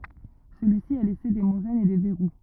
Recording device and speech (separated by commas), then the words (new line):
rigid in-ear microphone, read sentence
Celui-ci a laissé des moraines et des verrous.